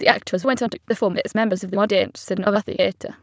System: TTS, waveform concatenation